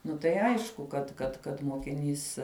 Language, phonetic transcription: Lithuanian, ˈnu tai ˈaišku kad kad kad mokiˈnys

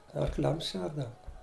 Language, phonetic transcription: Lithuanian, arˈkliams ˈšerdavu

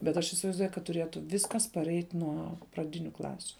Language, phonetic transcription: Lithuanian, bet ˈaš isivaizˈduoju kad tuˈrėtu ˈviskas paˈreit' ˈnuo praˈdiniu ˈklasiu

